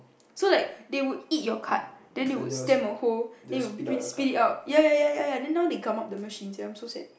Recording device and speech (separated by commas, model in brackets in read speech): boundary microphone, conversation in the same room